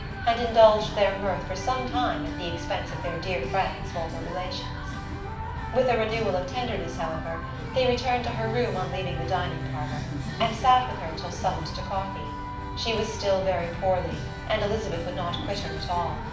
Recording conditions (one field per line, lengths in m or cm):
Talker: one person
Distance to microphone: 5.8 m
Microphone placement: far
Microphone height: 1.8 m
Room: medium-sized (5.7 m by 4.0 m)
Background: music